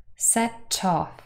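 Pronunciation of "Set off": In 'set off', the t of 'set' moves onto 'off', so 'off' sounds like 'tough'.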